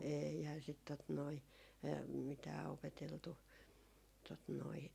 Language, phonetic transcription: Finnish, 'eeihää sit tot noi , 'mitää opeteltu , tot noi ,.
- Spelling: eihän sitä tuota noin mitään opeteltu tuota noin

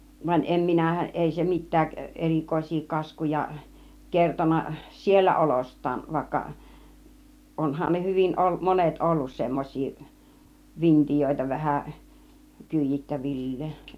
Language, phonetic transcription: Finnish, van 'em 'minä , 'èi se 'mittääk , "erìkòis̆sii 'kaskuja , 'kerton̆na "siellä 'olost̆taav vàikka , 'onhan ne 'hyvin o- , 'monet "ollus 'semmoś̆sii , 'vint͕ijöitä vähä , 'kỳij̆jittävil̀leen̬ .
- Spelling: vaan en minä ei se mitään erikoisia kaskuja kertonut siellä olostaan vaikka onhan ne hyvin - monet ollut semmoisia vintiöitä vähän kyydittävilleen

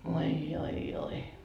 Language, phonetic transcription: Finnish, voi joi joi .
- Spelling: voi oi oi

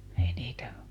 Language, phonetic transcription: Finnish, ˈei niitä ,.
- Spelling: ei niitä

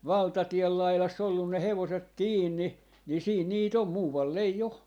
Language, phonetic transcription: Finnish, "valtatiel lailas's ‿ollun ne "hevoset "kiinni , ni siin 'nii't ‿om "muuvval'l ‿ei 'o .
- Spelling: valtatien laidassa ollut ne hevoset kiinni niin siinä niitä on muualla ei ole

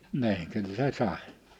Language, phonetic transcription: Finnish, 'ni̬iŋ kyl "se 'sàᵉ .
- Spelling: niin kyllä se sai

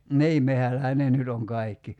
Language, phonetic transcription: Finnish, "nii 'mehällähä ne 'nyt ‿oŋ 'kai̬kki .
- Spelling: niin metsällähän ne nyt on kaikki

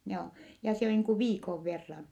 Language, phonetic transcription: Finnish, joo , ja se (on) niiŋ ku viikov verran .
- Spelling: joo ja se on niin kuin viikon verran

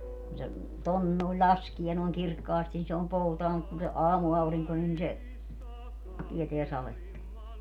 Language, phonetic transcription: Finnish, kun se , 'ton nòi̮ĺ "ĺaskie noi̮ŋ "kirkkaasti ni se om 'poutaa mut kun se , 'aamu₍auriŋko nin se , 'tieteä 'saletta .
- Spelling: kun se tuonne noin laskee noin kirkkaasti niin se on poutaa mutta kun se aamuaurinko niin se tietää sadetta

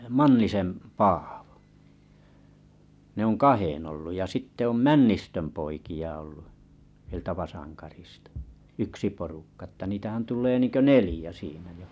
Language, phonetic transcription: Finnish, Mannisen Paaᴠᴏ ne ‿oŋ "kahen ‿olluʲ ja 'sitte om "Männistöm 'poiki₍a ollu , ʿˢʾⁱᵉltä 'Vasaŋkarḭstᴀ , 'yksi porukka ᵊtta 'niitähän tul̆lee 'niŋkö "nelĭjä siinä jo .
- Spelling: Mannisen Paavo ne on kahden ollut ja sitten on Männistön poikia ollut sieltä Vasankarista yksi porukka että niitähän tulee niin kuin neljä siinä jo

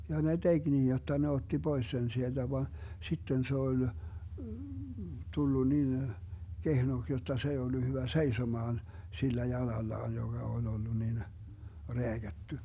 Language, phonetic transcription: Finnish, 'ja ne "DeG 'niij jotta ne 'otti 'Bois sen 'sielDä van , 'sitten 'se ol , 'tullu nin , 'kehnoks jotta 'se ei ollu 'hyvä "seisomaan , 'sillä 'jalallaan joGa ol 'ollu nin , "reäGätty .
- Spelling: ja ne teki niin jotta ne otti pois sen sieltä vaan sitten se oli tullut niin kehnoksi jotta se ei ollut hyvä seisomaan sillä jalallaan joka oli ollut niin rääkätty

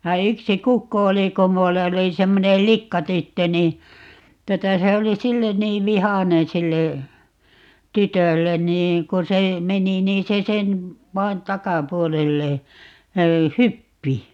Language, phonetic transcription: Finnish, ja 'yksi "kukko oli - ko 'mull ‿oli 'semmonel "likkatyttö ni , 'tuota 'se oli "sillen 'niiv "vihanen 'sille , "tytöllen nii , 'ko se , "meni niin̬ se 'sen , 'vai̮n "takapuolelle , "hyppi .
- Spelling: ja yksi kukko oli kun minulla oli semmoinen likkatyttö niin tuota se oli sille niin vihainen sille tytölle niin kun se meni niin se sen vain takapuolelle hyppi

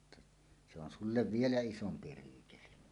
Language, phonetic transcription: Finnish, [et- ∼ jot-]ta , se ‿on 'sullev "vielä "isompi 'ruukeli « .
- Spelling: että se on sinulle vielä isompi ryykeli

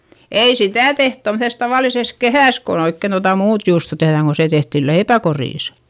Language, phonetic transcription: Finnish, ei sitä̀ teht tomses tavàlises kehä̀s kon oikken tota muut juusto tehδäŋ ko se tehtil leipäkorìs .
- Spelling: ei sitä tehty tuommoisessa tavallisessa kehässä kun oikein tuota muuta juustoa tehdään kun se tehtiin leipäkorissa

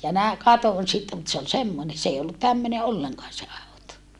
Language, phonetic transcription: Finnish, ja nä- , katon sitte mut se ol semmone , s ‿ei ollut tämmöne olleŋkaan se àuto .
- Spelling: ja - katsoin sitten mutta se oli semmoinen se ei ollut tämmöinen ollenkaan se auto

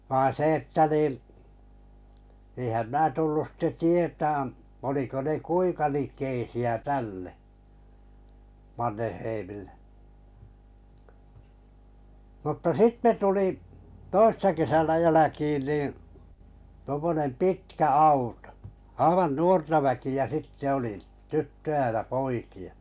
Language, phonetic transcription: Finnish, vain̬ 'se että nì , èⁱhäm 'mää 'tullus sitte 'tietään , oliko ne "kuiŋka 'lik̆keisi₍ä "tälle , 'Manneheimillᴇ m̥tta "sitte tuli , 'toissa kesänä 'jäläkiin nii , tᵘᵒmmonem "pitkä 'autᴏ , 'aivan "nuorta väki₍ä 'sitte oli , 'tyttöʲä ja 'poikɪ₍ᴀ .
- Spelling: vaan se että niin eihän minä tullut sitten tietämään oliko ne kuinka likeisiä tälle Mannerheimille mutta sitten tuli toissa kesänä jälkiin niin tuommoinen pitkä auto aivan nuorta väkeä sitten oli tyttöjä ja poikia

